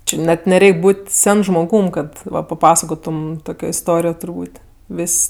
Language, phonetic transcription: Lithuanian, ˈči net neˈreik' ˈbūt' ˈsen žmoˈgūm ˈkad ˈva paˈpasakotum ˈtokio isˈtorijo turˈbūt' ˈvis'

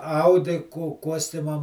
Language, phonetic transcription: Lithuanian, ˈaudi ku ˈkuostimam

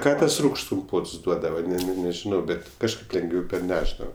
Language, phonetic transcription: Lithuanian, ˈką ˈtas ˈrūgšts kumˈpots ˈduodava ne ne nežiˈnau ˈbet' kažˈkaip lengˈviau perˈnešdava

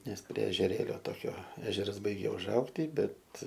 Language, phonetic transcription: Lithuanian, ˈnes prie ežeˈrėlio ˈtokio ˈežeras ˈbaigia užˈaugty ˈbet

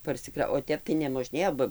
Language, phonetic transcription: Lithuanian, parsiˈkra o ˈtep tai nemoˈžnėjo ˈba

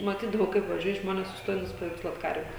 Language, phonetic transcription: Lithuanian, maˈtydavau kaip vaˈžiuoja ˈžmones susˈtoja nusipaveikˈsluot ˈkarve

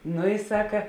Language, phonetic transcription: Lithuanian, ˈnu i ˈsaka

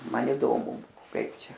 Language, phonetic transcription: Lithuanian, ˈman įˈdomu ˈkaip ˈčia

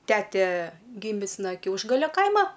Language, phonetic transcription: Lithuanian, ˈtete ˈgimis na ˈkiaušgalia ˈkaima

